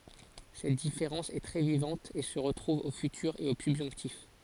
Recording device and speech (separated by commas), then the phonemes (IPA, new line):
forehead accelerometer, read sentence
sɛt difeʁɑ̃s ɛ tʁɛ vivɑ̃t e sə ʁətʁuv o fytyʁ e o sybʒɔ̃ktif